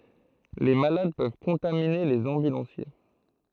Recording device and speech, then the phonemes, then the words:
throat microphone, read sentence
le malad pøv kɔ̃tamine lez ɑ̃bylɑ̃sje
Les malades peuvent contaminer les ambulanciers.

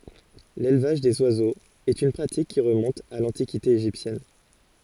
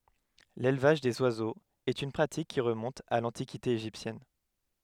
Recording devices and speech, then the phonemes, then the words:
forehead accelerometer, headset microphone, read sentence
lelvaʒ dez wazoz ɛt yn pʁatik ki ʁəmɔ̃t a lɑ̃tikite eʒiptjɛn
L'élevage des oiseaux est une pratique qui remonte à l'Antiquité égyptienne.

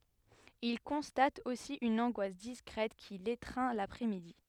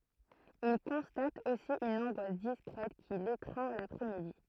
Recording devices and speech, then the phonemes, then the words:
headset microphone, throat microphone, read sentence
il kɔ̃stat osi yn ɑ̃ɡwas diskʁɛt ki letʁɛ̃ lapʁɛsmidi
Il constate aussi une angoisse discrète qui l’étreint l’après-midi.

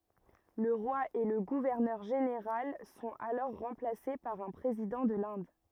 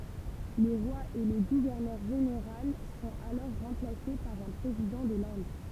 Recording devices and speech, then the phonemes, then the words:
rigid in-ear microphone, temple vibration pickup, read sentence
lə ʁwa e lə ɡuvɛʁnœʁ ʒeneʁal sɔ̃t alɔʁ ʁɑ̃plase paʁ œ̃ pʁezidɑ̃ də lɛ̃d
Le roi et le gouverneur général sont alors remplacés par un président de l'Inde.

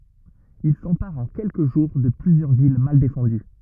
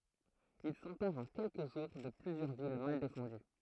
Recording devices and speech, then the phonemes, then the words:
rigid in-ear microphone, throat microphone, read sentence
il sɑ̃paʁt ɑ̃ kɛlkə ʒuʁ də plyzjœʁ vil mal defɑ̃dy
Ils s'emparent en quelques jours de plusieurs villes mal défendues.

